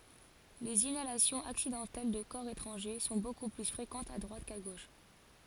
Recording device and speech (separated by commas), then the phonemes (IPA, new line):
forehead accelerometer, read sentence
lez inalasjɔ̃z aksidɑ̃tɛl də kɔʁ etʁɑ̃ʒe sɔ̃ boku ply fʁekɑ̃tz a dʁwat ka ɡoʃ